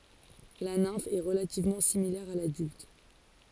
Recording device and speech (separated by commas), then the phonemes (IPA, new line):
forehead accelerometer, read sentence
la nɛ̃f ɛ ʁəlativmɑ̃ similɛʁ a ladylt